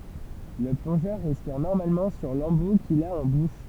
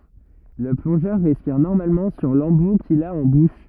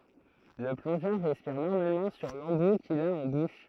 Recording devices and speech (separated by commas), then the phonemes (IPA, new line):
temple vibration pickup, rigid in-ear microphone, throat microphone, read sentence
lə plɔ̃ʒœʁ ʁɛspiʁ nɔʁmalmɑ̃ syʁ lɑ̃bu kil a ɑ̃ buʃ